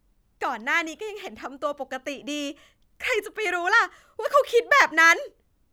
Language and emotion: Thai, happy